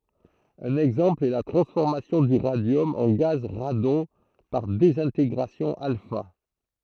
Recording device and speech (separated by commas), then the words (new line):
throat microphone, read sentence
Un exemple est la transformation du radium en gaz radon par désintégration alpha.